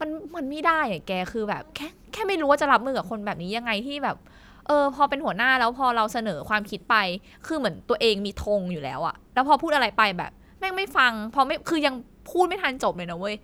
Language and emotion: Thai, frustrated